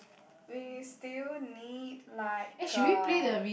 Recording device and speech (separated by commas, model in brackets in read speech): boundary microphone, conversation in the same room